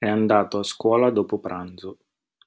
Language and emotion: Italian, neutral